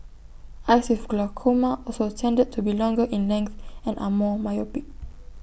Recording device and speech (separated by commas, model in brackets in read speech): boundary microphone (BM630), read sentence